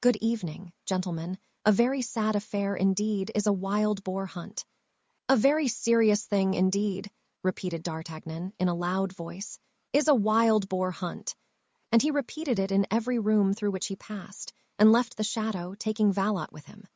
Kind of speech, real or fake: fake